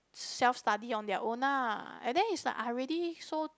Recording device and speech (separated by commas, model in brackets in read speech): close-talking microphone, conversation in the same room